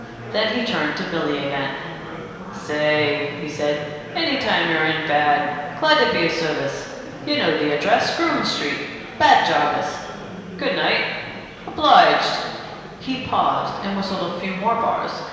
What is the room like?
A large, very reverberant room.